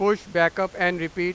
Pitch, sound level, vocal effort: 180 Hz, 101 dB SPL, very loud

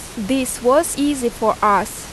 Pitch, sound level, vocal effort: 245 Hz, 85 dB SPL, loud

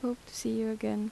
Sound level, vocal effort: 78 dB SPL, soft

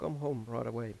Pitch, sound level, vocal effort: 115 Hz, 85 dB SPL, normal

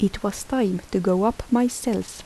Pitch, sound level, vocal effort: 220 Hz, 74 dB SPL, soft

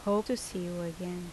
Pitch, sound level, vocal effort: 180 Hz, 79 dB SPL, normal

